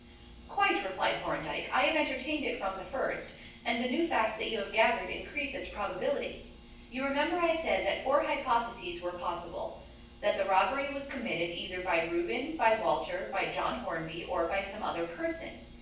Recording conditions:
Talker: one person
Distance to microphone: 9.8 m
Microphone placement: far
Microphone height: 1.8 m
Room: large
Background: none

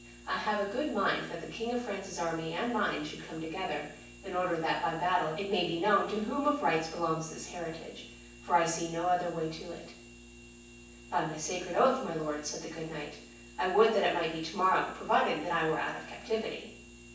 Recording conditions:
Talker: one person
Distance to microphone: 9.8 m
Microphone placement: far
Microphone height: 1.8 m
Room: large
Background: none

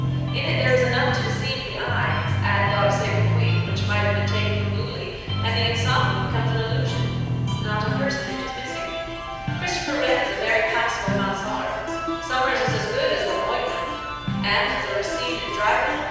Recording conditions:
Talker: one person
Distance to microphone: 7.1 m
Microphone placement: far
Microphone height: 1.7 m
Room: very reverberant, large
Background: music

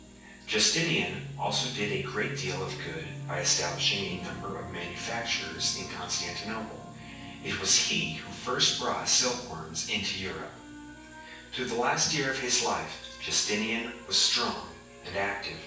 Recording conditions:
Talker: one person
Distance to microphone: 9.8 m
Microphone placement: far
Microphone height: 1.8 m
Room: large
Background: television

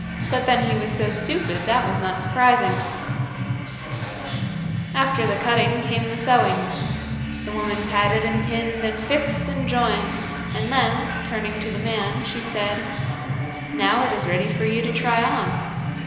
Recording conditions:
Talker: one person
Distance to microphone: 1.7 m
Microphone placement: close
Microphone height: 1.0 m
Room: very reverberant, large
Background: music

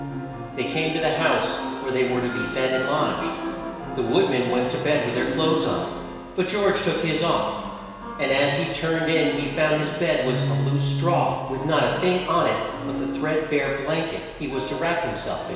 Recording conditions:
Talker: one person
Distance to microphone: 1.7 m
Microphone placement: close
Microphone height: 1.0 m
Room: very reverberant, large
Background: music

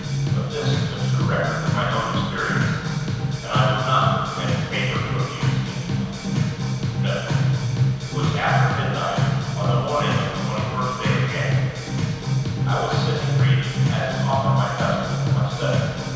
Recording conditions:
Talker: one person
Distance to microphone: 7.1 m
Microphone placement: far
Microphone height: 1.7 m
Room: very reverberant, large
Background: music

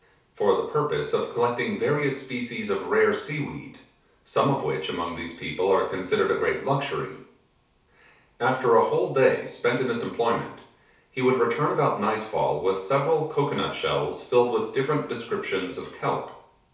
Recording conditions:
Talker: one person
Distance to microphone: 3.0 m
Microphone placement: far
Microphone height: 1.8 m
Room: small (3.7 m by 2.7 m)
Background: none

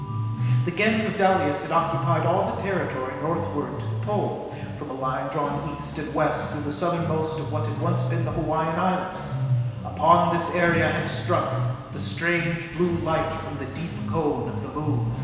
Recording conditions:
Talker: one person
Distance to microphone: 1.7 m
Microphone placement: close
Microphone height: 1.0 m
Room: very reverberant, large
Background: music

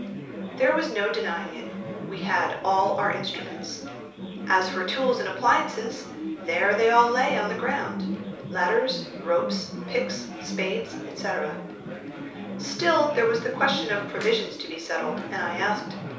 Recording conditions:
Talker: one person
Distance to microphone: 3.0 m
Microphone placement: far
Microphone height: 1.8 m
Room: small (3.7 m by 2.7 m)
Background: babble

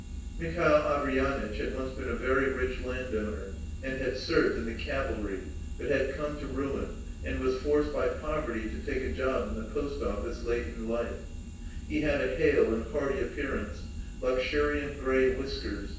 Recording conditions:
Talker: one person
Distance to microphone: 9.8 m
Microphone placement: far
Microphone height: 1.8 m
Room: large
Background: none

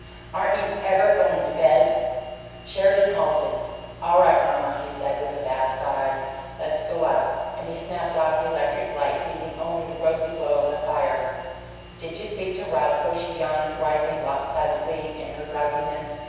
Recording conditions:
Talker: one person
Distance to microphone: 7.1 m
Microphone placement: far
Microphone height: 1.7 m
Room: very reverberant, large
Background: none

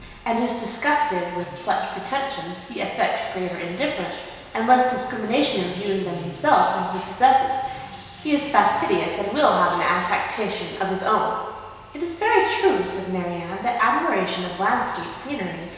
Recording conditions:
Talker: one person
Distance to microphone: 1.7 m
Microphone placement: close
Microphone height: 1.0 m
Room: very reverberant, large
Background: television

